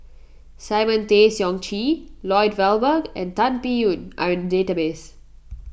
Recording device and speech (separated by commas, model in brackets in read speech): boundary microphone (BM630), read sentence